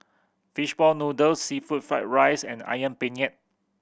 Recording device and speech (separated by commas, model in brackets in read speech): boundary microphone (BM630), read sentence